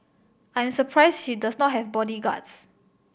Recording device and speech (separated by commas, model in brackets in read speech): boundary microphone (BM630), read sentence